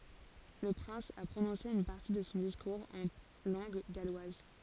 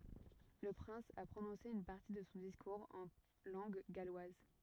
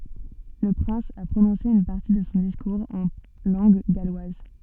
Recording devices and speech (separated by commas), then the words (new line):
forehead accelerometer, rigid in-ear microphone, soft in-ear microphone, read sentence
Le prince a prononcé une partie de son discours en langue galloise.